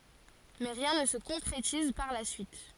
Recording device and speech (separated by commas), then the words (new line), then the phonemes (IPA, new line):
forehead accelerometer, read sentence
Mais rien ne se concrétise par la suite.
mɛ ʁjɛ̃ nə sə kɔ̃kʁetiz paʁ la syit